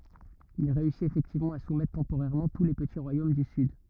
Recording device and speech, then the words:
rigid in-ear microphone, read sentence
Il réussit effectivement à soumettre temporairement tous les petits royaumes du sud.

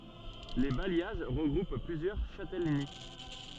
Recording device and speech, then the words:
soft in-ear microphone, read sentence
Les bailliages regroupent plusieurs châtellenies.

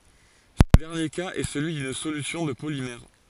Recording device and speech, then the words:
forehead accelerometer, read sentence
Ce dernier cas est celui d'une solution de polymère.

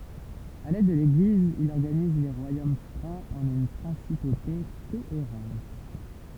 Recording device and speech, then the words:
temple vibration pickup, read sentence
Avec l'aide de l'Église, il organise les royaumes francs en une principauté cohérente.

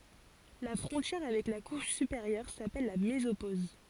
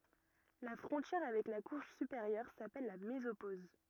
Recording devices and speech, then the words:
forehead accelerometer, rigid in-ear microphone, read sentence
La frontière avec la couche supérieure s'appelle la mésopause.

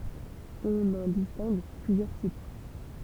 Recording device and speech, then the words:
temple vibration pickup, read sentence
On en distingue plusieurs types.

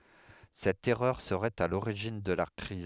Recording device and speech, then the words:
headset microphone, read sentence
Cette erreur serait à l'origine de la crise.

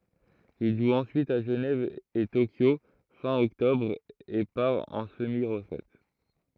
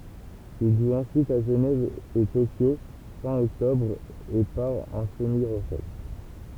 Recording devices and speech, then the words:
throat microphone, temple vibration pickup, read sentence
Il joue ensuite à Genève et Tokyo fin octobre, et part en semi-retraite.

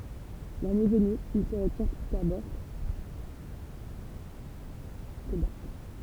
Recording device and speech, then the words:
temple vibration pickup, read sentence
La nuit venue, ils se retirent tous à bord des barques.

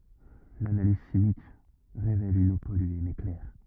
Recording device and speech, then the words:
rigid in-ear microphone, read sentence
L'analyse chimique révèle une eau polluée mais claire.

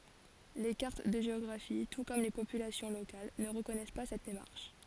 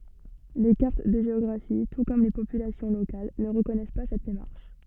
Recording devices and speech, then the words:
forehead accelerometer, soft in-ear microphone, read sentence
Les cartes de géographie, tout comme les populations locales, ne reconnaissent pas cette démarche.

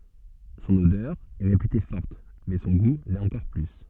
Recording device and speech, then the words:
soft in-ear microphone, read sentence
Son odeur est réputée forte, mais son goût l'est encore plus.

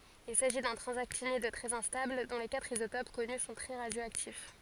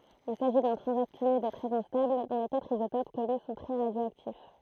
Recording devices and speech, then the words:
forehead accelerometer, throat microphone, read sentence
Il s'agit d'un transactinide très instable dont les quatre isotopes connus sont très radioactifs.

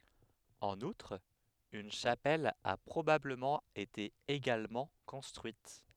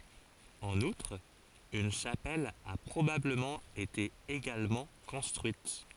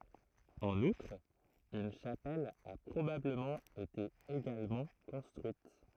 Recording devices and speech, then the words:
headset microphone, forehead accelerometer, throat microphone, read sentence
En outre, une chapelle a probablement été également construite.

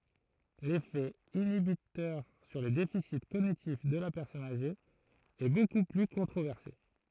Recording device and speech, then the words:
throat microphone, read sentence
L'effet inhibiteur sur les déficits cognitifs de la personne âgée est beaucoup plus controversé.

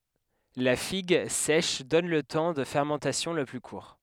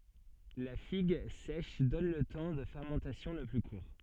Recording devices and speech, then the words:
headset microphone, soft in-ear microphone, read sentence
La figue sèche donne le temps de fermentation le plus court.

